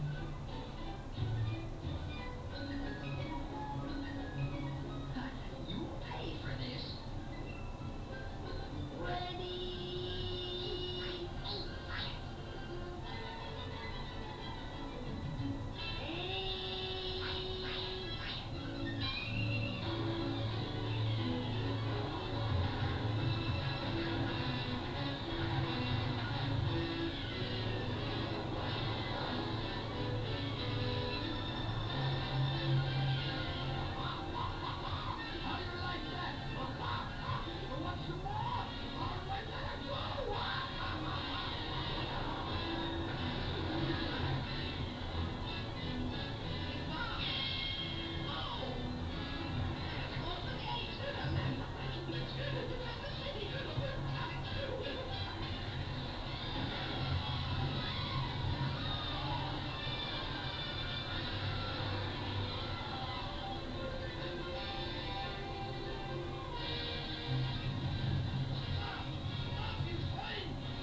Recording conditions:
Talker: no one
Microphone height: 71 cm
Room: small (3.7 m by 2.7 m)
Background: television

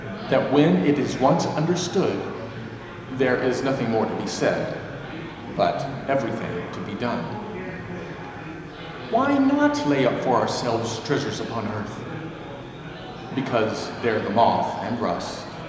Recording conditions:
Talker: one person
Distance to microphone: 1.7 m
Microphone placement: close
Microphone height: 1.0 m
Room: very reverberant, large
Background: babble

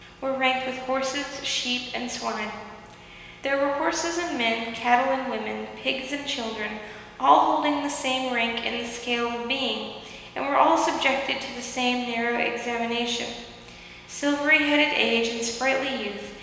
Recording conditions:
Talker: one person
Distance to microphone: 1.7 m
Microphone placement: close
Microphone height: 1.0 m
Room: very reverberant, large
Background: none

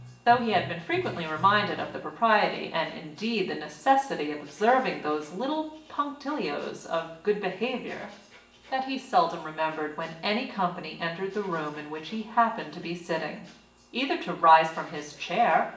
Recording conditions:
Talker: one person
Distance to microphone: 1.8 m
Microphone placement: close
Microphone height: 1.0 m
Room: large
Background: music

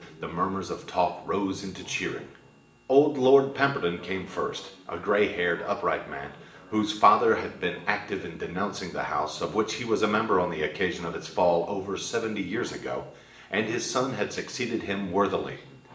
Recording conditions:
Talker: one person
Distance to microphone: 1.8 m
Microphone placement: close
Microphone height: 1.0 m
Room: large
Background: television

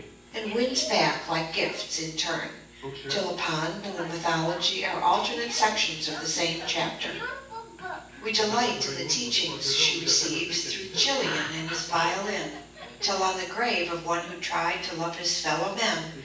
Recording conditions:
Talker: one person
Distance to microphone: 9.8 m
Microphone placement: far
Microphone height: 1.8 m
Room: large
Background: television

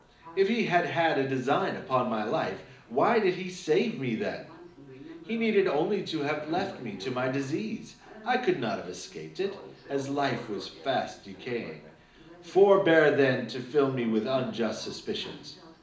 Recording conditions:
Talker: one person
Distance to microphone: 2.0 m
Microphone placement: close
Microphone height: 99 cm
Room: medium-sized (5.7 m by 4.0 m)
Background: television

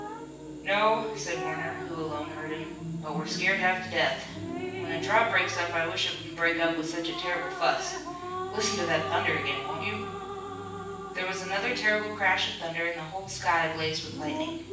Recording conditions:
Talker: one person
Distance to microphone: 9.8 m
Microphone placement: far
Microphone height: 1.8 m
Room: large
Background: television

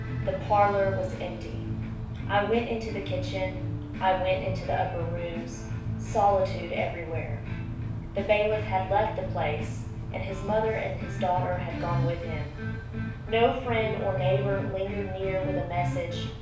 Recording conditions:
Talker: one person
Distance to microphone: 5.8 m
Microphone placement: far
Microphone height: 1.8 m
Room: medium-sized (5.7 m by 4.0 m)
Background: music

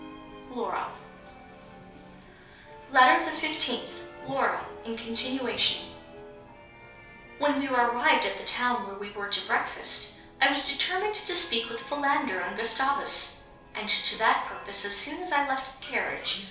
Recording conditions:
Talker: one person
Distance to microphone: 3.0 m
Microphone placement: far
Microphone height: 1.8 m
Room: small (3.7 m by 2.7 m)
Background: television

